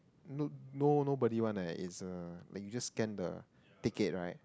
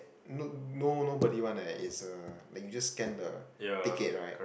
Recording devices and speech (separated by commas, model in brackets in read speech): close-talking microphone, boundary microphone, conversation in the same room